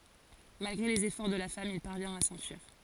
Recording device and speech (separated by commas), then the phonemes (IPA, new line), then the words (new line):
forehead accelerometer, read sentence
malɡʁe lez efɔʁ də la fam il paʁvjɛ̃t a sɑ̃fyiʁ
Malgré les efforts de la femme, il parvient à s'enfuir.